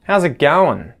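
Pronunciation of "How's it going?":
'How's it going?' is said fast.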